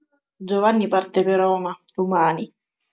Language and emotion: Italian, sad